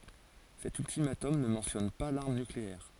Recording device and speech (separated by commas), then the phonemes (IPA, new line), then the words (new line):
forehead accelerometer, read sentence
sɛt yltimatɔm nə mɑ̃tjɔn pa laʁm nykleɛʁ
Cet ultimatum ne mentionne pas l'arme nucléaire.